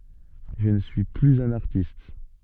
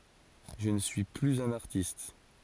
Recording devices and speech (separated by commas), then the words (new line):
soft in-ear microphone, forehead accelerometer, read sentence
Je ne suis plus un artiste.